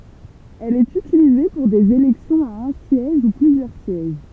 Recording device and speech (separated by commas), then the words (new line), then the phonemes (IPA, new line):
temple vibration pickup, read sentence
Elle est utilisée pour des élections à un siège ou plusieurs sièges.
ɛl ɛt ytilize puʁ dez elɛksjɔ̃z a œ̃ sjɛʒ u plyzjœʁ sjɛʒ